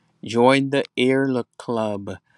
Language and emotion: English, sad